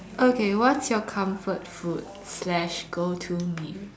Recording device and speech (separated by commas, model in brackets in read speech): standing microphone, conversation in separate rooms